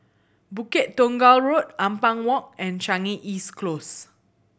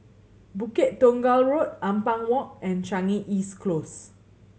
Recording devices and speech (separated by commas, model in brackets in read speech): boundary microphone (BM630), mobile phone (Samsung C7100), read sentence